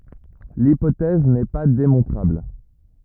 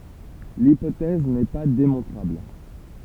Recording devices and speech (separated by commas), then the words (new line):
rigid in-ear microphone, temple vibration pickup, read sentence
L'hypothèse n'est pas démontrable.